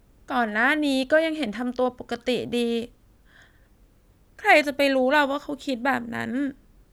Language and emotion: Thai, sad